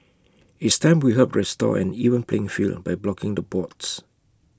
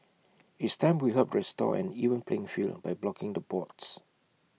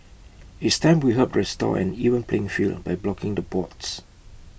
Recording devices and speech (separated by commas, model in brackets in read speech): close-talking microphone (WH20), mobile phone (iPhone 6), boundary microphone (BM630), read sentence